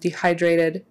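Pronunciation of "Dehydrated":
In 'dehydrated', the t in the middle is a soft sound, almost a d sound.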